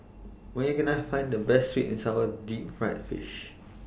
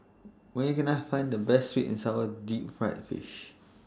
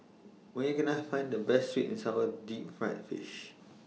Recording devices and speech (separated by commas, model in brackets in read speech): boundary microphone (BM630), standing microphone (AKG C214), mobile phone (iPhone 6), read sentence